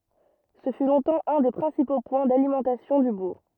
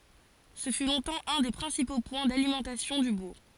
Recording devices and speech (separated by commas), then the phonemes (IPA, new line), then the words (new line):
rigid in-ear microphone, forehead accelerometer, read sentence
sə fy lɔ̃tɑ̃ œ̃ de pʁɛ̃sipo pwɛ̃ dalimɑ̃tasjɔ̃ dy buʁ
Ce fut longtemps un des principaux points d'alimentation du bourg.